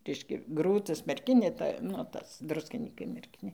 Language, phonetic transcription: Lithuanian, ˈreiškia ˈgrūtas merˈkinė ˈta nu ˈtas ˈdruskinykai merˈkinė

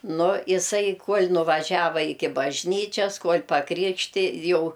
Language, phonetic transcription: Lithuanian, ˈnu iˈsai ˈkuol' nuvaˈžiava ˈiki bažˈnyčias ˈkuol' paˈkrikšti ˈjau

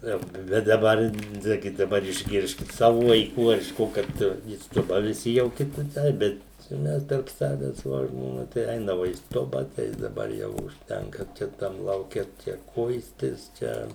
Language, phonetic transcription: Lithuanian, ˈjo ˈbet daˈbar ˈnagi daˈbar išˈgirskit ˈsavu vaiˈkų ar iš ˈko kad į ˈstuba viˈsi jau ˈki kiˈtaip ˈbet čia ˈmes tarp ˈsaves vo žmoˈna tai ˈeinava į ˈstuba tai daˈbar ˈjau užˈtenka čia ˈtam lauˈke ˈčia ˈkuistis ˈčia

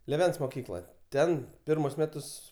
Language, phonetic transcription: Lithuanian, lėˈvens moˈkykloj ˈten ˈpirmus ˈmetus

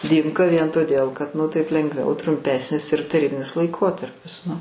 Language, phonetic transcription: Lithuanian, ˈdymka vien toˈdėl kad nu ˈtaip lengˈviau trumˈpesnis ir taˈrybinis laiˈkotarpis nu

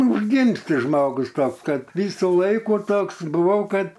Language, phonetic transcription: Lithuanian, užˈgimsti ˈžmogus ˈtoks ˈkad ˈvysu ˈlaiku ˈtoks buˈvau ˈkad

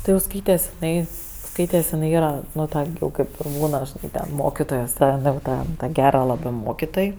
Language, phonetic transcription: Lithuanian, ˈti jau ˈskaites iˈnai ˈskaites iˈnai ˈyra ˈnu ˈta gi ˈjau ˈkaip ir ˈbūna žiˈnai ten ˈmokitojos ˈjau ˈta ˈta ˈgera ˈlabɜ ˈmokitoj

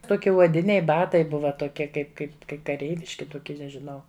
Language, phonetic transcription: Lithuanian, ˈtoki uoˈdiniai ˈbatai ˈbuva toˈkie ˈkaip ˈkaip kai kaˈreiviški tuˈkie nežiˈnau

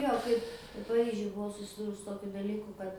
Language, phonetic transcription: Lithuanian, ˈjo kaip paˈryžiuj buˈvau susiˈdūrus su ˈtokiu daˈlyku ˈkad

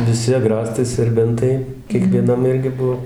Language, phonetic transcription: Lithuanian, viˈsi aˈgrastai serˈbentai kiekvieˈnam ˈirgi ˈbuvo

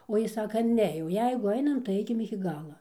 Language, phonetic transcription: Lithuanian, o ˈjis ˈsaka ˈne jau ˈjeigu ˈainam tai ˈaikim iki ˈgala

